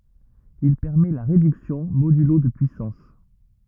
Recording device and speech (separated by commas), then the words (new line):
rigid in-ear microphone, read sentence
Il permet la réduction modulo de puissances.